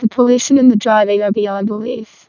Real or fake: fake